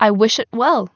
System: none